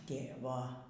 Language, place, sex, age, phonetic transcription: Lithuanian, Aukštaitija, female, 60+, ˈtėvo

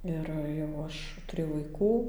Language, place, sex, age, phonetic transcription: Lithuanian, Dzūkija, female, 18-60, ˈir jau ˈaš tuˈrėjau vaiˈkų

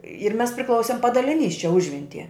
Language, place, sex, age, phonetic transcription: Lithuanian, Žemaitija, female, 60+, ir ˈmes priˈklausim padaliˈnys čia ˈužventie

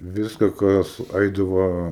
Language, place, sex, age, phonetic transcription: Lithuanian, Aukštaitija, male, 18-60, ˈviska ˈkas ˈaidava

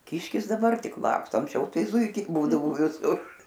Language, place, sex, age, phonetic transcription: Lithuanian, Aukštaitija, female, 60+, ˈkiškis daˈbar ˈtik ˈlaksto anksˈčiau ˈtai ˈzūikiai ˈbūdavo viˈsur

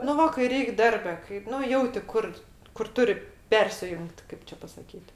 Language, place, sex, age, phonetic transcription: Lithuanian, Aukštaitija, female, 60+, nu ˈva kai ˈreik ˈdarbe kai ˈnu ˈjauti ˈkur kur ˈturi ˈpersijungt ˈkaip čia pasaˈkyt

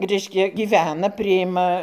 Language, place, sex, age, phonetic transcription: Lithuanian, Dzūkija, female, 60+, ˈreiškia gyˈvena priˈjima

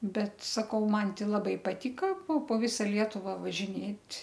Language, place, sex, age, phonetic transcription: Lithuanian, Aukštaitija, female, 60+, ˈbet saˈkau ˈman ˈti laˈbai paˈtyka po po ˈvisa ˈlietuvą važiˈnėt'

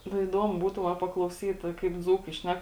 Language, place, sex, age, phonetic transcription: Lithuanian, Žemaitija, female, 18-60, nu įˈdomu ˈbūtų va paklauˈsyt kaip ˈdzūkai ˈšnek

